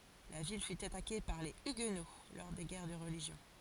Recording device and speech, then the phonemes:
forehead accelerometer, read sentence
la vil fy atake paʁ le yɡno lɔʁ de ɡɛʁ də ʁəliʒjɔ̃

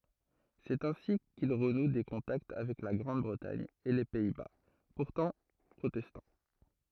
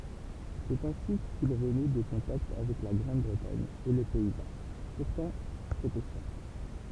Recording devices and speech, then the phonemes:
throat microphone, temple vibration pickup, read sentence
sɛt ɛ̃si kil ʁənu de kɔ̃takt avɛk la ɡʁɑ̃d bʁətaɲ e le pɛi ba puʁtɑ̃ pʁotɛstɑ̃

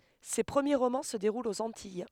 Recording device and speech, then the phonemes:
headset microphone, read sentence
se pʁəmje ʁomɑ̃ sə deʁult oz ɑ̃tij

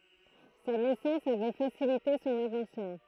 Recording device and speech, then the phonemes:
throat microphone, read sentence
sa nɛsɑ̃s avɛ fasilite sɔ̃n avɑ̃smɑ̃

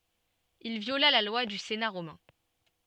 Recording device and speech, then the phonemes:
soft in-ear microphone, read sentence
il vjola la lwa dy sena ʁomɛ̃

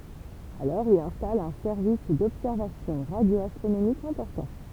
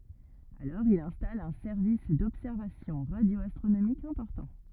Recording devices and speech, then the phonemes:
temple vibration pickup, rigid in-ear microphone, read sentence
alɔʁ il ɛ̃stal œ̃ sɛʁvis dɔbsɛʁvasjɔ̃ ʁadjoastʁonomikz ɛ̃pɔʁtɑ̃

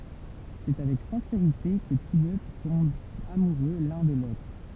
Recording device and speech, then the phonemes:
temple vibration pickup, read sentence
sɛ avɛk sɛ̃seʁite kə tus dø tɔ̃bt amuʁø lœ̃ də lotʁ

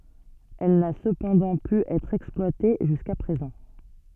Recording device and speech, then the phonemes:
soft in-ear microphone, read sentence
ɛl na səpɑ̃dɑ̃ py ɛtʁ ɛksplwate ʒyska pʁezɑ̃

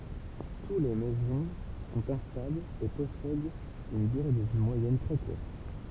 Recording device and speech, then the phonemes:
temple vibration pickup, read sentence
tu le mezɔ̃ sɔ̃t ɛ̃stablz e pɔsɛdt yn dyʁe də vi mwajɛn tʁɛ kuʁt

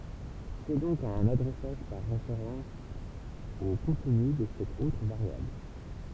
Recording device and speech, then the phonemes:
temple vibration pickup, read sentence
sɛ dɔ̃k œ̃n adʁɛsaʒ paʁ ʁefeʁɑ̃s o kɔ̃tny də sɛt otʁ vaʁjabl

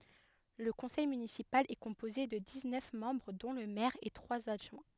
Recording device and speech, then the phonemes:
headset microphone, read sentence
lə kɔ̃sɛj mynisipal ɛ kɔ̃poze də diz nœf mɑ̃bʁ dɔ̃ lə mɛʁ e tʁwaz adʒwɛ̃

